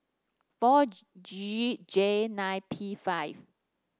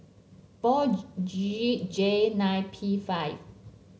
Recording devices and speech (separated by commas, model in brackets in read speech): standing microphone (AKG C214), mobile phone (Samsung C7), read sentence